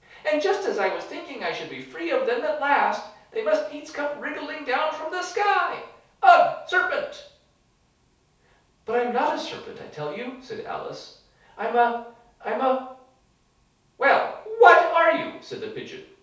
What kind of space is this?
A small space (about 3.7 m by 2.7 m).